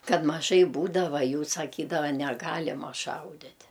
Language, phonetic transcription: Lithuanian, ˈkad maˈžai ˈbūdava ˈjų saˈkydava neˈgalima ˈšaudit'

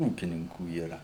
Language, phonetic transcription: Lithuanian, ˈūkininkų yˈra

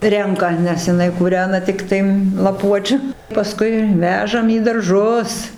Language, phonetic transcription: Lithuanian, ˈrenka nes jiˈnai kūˈrena ˈtiktai laˈpuočiu paˈskui ˈvežam į darˈžus

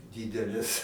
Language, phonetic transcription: Lithuanian, ˈdydeles

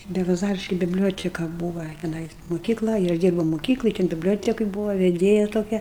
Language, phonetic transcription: Lithuanian, belaˈzariški bibˈlioteka ˈbūva teˈnais moˈkykla i ˈaš ˈdyrbau moˈkykloj ten bibˈliotekoj ˈbūva veˈdėja toˈkia

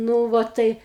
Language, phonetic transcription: Lithuanian, ˈnū va ˈtai

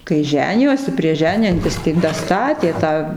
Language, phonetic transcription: Lithuanian, kai ˈženijosi prieš ˈženijantis tai daˈstatė ˈtą

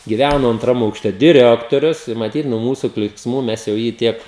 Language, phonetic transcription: Lithuanian, giˈvæno antˈram aukˈšte diˈrektorius i maˈtyt nuo ˈmūsu klyksˈmų ˈmes jau ˈjį ˈtiek

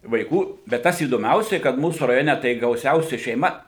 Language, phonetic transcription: Lithuanian, vaiˈkų bet ˈtas įdoˈmiausiai kad ˈmūsų raˈjone tai gauˈsiausia šeiˈma

